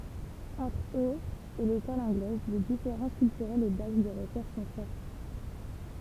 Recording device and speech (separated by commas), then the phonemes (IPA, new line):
temple vibration pickup, read sentence
ɑ̃tʁ øz e lekɔl ɑ̃ɡlɛz le difeʁɑ̃s kyltyʁɛlz e daks də ʁəʃɛʁʃ sɔ̃ fɔʁt